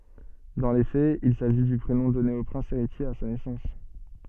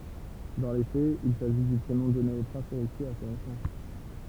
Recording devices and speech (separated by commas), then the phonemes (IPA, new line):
soft in-ear microphone, temple vibration pickup, read sentence
dɑ̃ le fɛz il saʒi dy pʁenɔ̃ dɔne o pʁɛ̃s eʁitje a sa nɛsɑ̃s